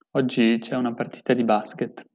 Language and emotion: Italian, neutral